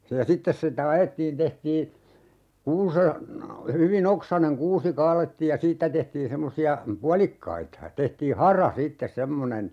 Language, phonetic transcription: Finnish, se ja 'sittes sitä "ajettiin 'tehtii , 'kuuse(n) , 'hyvi"n ‿oksaneŋ 'kuusi 'kaalettiij ja "siittä tehtiin 'semmosi₍a , "pualikkaita (ja) 'tehtii "hara 'siittes 'semmonen ,.
- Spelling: se ja sitten sitä ajettiin tehtiin kuusen hyvin oksainen kuusi kaadettiin ja siitä tehtiin semmoisia puolikkaita ja tehtiin hara sitten semmoinen

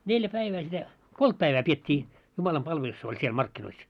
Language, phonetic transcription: Finnish, 'neljä "päivää sitä , "kolt 'päivää piet́t́ii , 'jumalam'palvelus oĺ siel 'markkinois .
- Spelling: neljä päivää sitä kolme päivää pidettiin jumalanpalvelus oli siellä markkinoissa

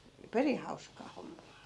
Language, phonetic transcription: Finnish, 'perih hauskaa 'hommaa .
- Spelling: perin hauskaa hommaa

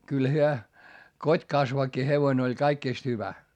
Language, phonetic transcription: Finnish, kyl hyö , kot́kasvakki hevoⁱn ‿oĺ kaikkìst hyvä .
- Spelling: kyllä he kotikasvakki hevonen oli kaikista hyvä

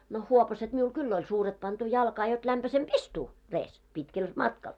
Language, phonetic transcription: Finnish, no , 'huopaset miul "kyll ‿oĺ 'suuret pantu 'jalkaa jot 'lämpäsem"p ‿istuu , 'rees , 'pitkel , 'matkal .
- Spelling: no huopaset minulla kyllä oli suuret pantu jalkaan jotta lämpöisempi istua reessä pitkällä matkalla

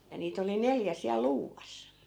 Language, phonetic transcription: Finnish, ja 'niit ‿oli 'neljä siäl "luuvas .
- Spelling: ja niitä oli neljä siellä luuvassa

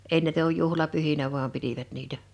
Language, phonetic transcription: Finnish, ei näitä [k]uj 'juhlapyhinä vu̬am 'pitivät 'niitä .
- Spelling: ei näitä kun juhlapyhinä vain pitivät niitä

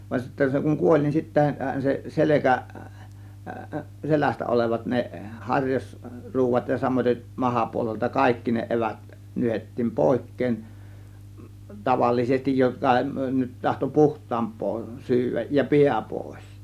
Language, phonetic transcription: Finnish, van sittä se kuŋ "kuoĺ nin 'sittähän se , "selekä , 'selästä olevat ne , "haŕjas- -'ruuvat ja samoiteˀ 'mahapuolelta "kaikki ne 'evät , 'nyhettiim "pòėk̀keen , 'tavallisestij 'joka nyt tahto "puht̆taamp̆poo 'syyväj ja "piä 'pòės .
- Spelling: vaan sitten se kun kuoli niin sittenhän se selkä selästä olevat ne - harjasruodat ja samaten mahapuolelta kaikki ne evät nyhdettiin pois tavallisesti joka nyt tahtoi puhtaampaa syödä ja pää pois

